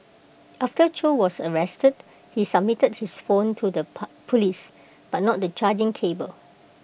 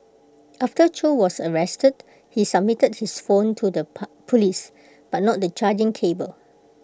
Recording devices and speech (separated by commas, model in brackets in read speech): boundary microphone (BM630), close-talking microphone (WH20), read sentence